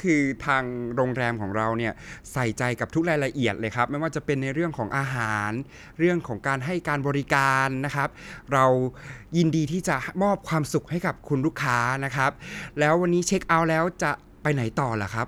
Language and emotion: Thai, happy